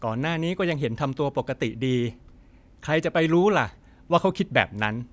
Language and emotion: Thai, frustrated